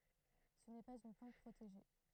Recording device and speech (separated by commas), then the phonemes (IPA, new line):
throat microphone, read sentence
sə nɛ paz yn plɑ̃t pʁoteʒe